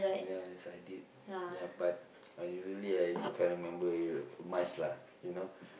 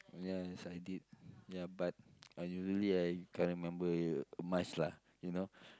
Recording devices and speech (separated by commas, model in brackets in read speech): boundary microphone, close-talking microphone, conversation in the same room